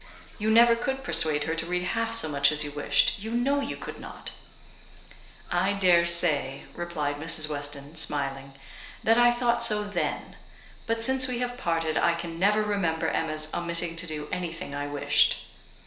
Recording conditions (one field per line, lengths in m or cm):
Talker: one person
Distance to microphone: 1.0 m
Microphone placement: close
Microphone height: 1.1 m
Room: small (3.7 m by 2.7 m)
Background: television